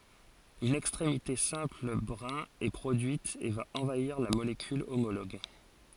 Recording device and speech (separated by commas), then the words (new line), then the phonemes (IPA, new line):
forehead accelerometer, read sentence
Une extrémité simple brin est produite et va envahir la molécule homologue.
yn ɛkstʁemite sɛ̃pl bʁɛ̃ ɛ pʁodyit e va ɑ̃vaiʁ la molekyl omoloɡ